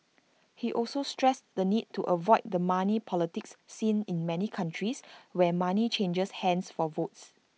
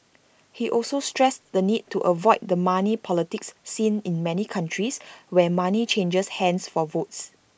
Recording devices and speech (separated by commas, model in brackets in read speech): mobile phone (iPhone 6), boundary microphone (BM630), read sentence